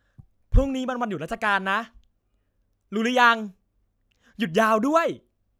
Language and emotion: Thai, happy